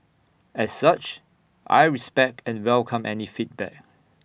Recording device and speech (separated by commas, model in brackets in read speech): boundary microphone (BM630), read sentence